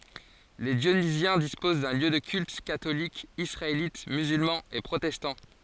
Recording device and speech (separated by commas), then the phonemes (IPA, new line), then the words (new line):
forehead accelerometer, read sentence
le djonizjɛ̃ dispoz də ljø də kylt katolik isʁaelit myzylmɑ̃ e pʁotɛstɑ̃
Les Dionysiens disposent de lieux de culte catholique, israélite, musulman et protestant.